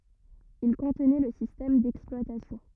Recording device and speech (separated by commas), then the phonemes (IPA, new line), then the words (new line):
rigid in-ear microphone, read sentence
il kɔ̃tnɛ lə sistɛm dɛksplwatasjɔ̃
Il contenait le système d'exploitation.